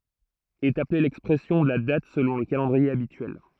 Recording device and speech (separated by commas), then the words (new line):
throat microphone, read sentence
Est appelée l'expression de la date selon le calendrier habituel.